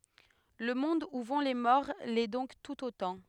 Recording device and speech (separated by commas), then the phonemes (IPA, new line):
headset microphone, read sentence
lə mɔ̃d u vɔ̃ le mɔʁ lɛ dɔ̃k tut otɑ̃